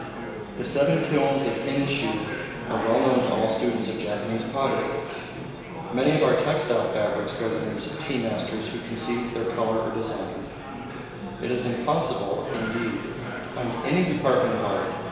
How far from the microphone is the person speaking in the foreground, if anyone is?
1.7 m.